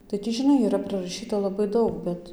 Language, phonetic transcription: Lithuanian, tai ˈ tį žiˈnai yˈra prɨraˈšyta laˈbai ˈdaug ˈbet

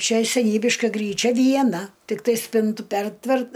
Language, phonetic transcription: Lithuanian, ˈčia seˈnybiška ˈgryˌčia vieˈna tikˈtai ˈspintu ˈpertvert

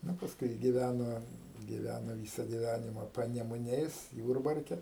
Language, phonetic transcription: Lithuanian, ˈnu pasˈkui giˈvæno giˈvæno ˈvysa giˈvænima panemuˈniais ˈjūrbarke

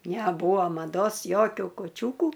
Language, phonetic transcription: Lithuanian, neˈbūa maˈdos ˈjokiu kuˈčiūku

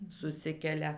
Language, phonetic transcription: Lithuanian, suˈsikelia

